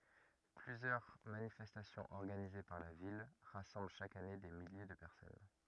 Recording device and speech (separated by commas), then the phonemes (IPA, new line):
rigid in-ear microphone, read sentence
plyzjœʁ manifɛstasjɔ̃z ɔʁɡanize paʁ la vil ʁasɑ̃bl ʃak ane de milje də pɛʁsɔn